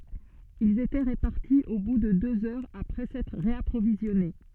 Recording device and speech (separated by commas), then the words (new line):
soft in-ear microphone, read sentence
Ils étaient repartis au bout de deux heures après s'être réapprovisionnés.